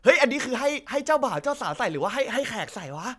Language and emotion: Thai, happy